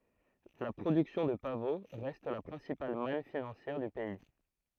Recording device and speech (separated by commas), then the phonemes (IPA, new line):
throat microphone, read sentence
la pʁodyksjɔ̃ də pavo ʁɛst la pʁɛ̃sipal man finɑ̃sjɛʁ dy pɛi